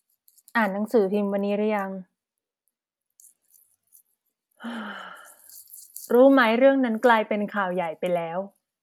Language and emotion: Thai, neutral